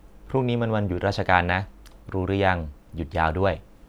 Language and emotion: Thai, neutral